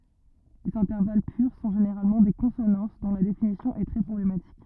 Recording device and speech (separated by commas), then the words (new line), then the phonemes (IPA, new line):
rigid in-ear microphone, read sentence
Les intervalles purs sont généralement des consonances, dont la définition est très problématique.
lez ɛ̃tɛʁval pyʁ sɔ̃ ʒeneʁalmɑ̃ de kɔ̃sonɑ̃s dɔ̃ la definisjɔ̃ ɛ tʁɛ pʁɔblematik